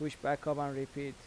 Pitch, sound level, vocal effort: 145 Hz, 85 dB SPL, normal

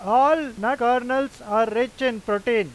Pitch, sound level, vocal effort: 245 Hz, 99 dB SPL, very loud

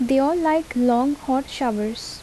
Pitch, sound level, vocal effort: 260 Hz, 77 dB SPL, normal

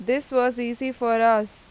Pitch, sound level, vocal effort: 240 Hz, 91 dB SPL, loud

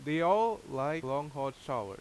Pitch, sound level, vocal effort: 140 Hz, 91 dB SPL, very loud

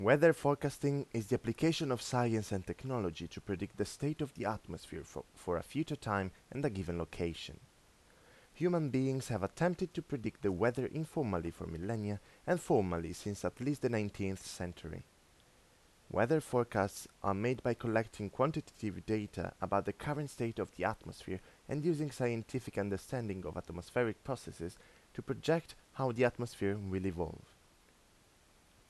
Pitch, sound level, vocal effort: 115 Hz, 84 dB SPL, normal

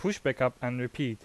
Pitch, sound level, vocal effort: 125 Hz, 86 dB SPL, loud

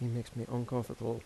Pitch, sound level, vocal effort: 120 Hz, 80 dB SPL, soft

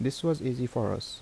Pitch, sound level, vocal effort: 125 Hz, 79 dB SPL, normal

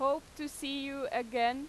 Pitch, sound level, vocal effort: 275 Hz, 94 dB SPL, very loud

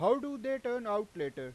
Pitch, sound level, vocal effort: 245 Hz, 98 dB SPL, very loud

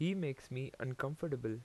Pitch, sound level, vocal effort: 135 Hz, 83 dB SPL, normal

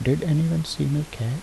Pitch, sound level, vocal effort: 150 Hz, 75 dB SPL, soft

